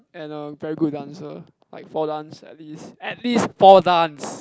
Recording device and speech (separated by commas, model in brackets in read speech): close-talking microphone, conversation in the same room